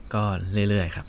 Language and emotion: Thai, neutral